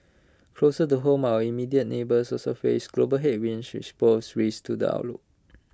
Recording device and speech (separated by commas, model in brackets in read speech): close-talking microphone (WH20), read sentence